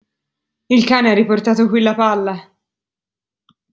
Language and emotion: Italian, fearful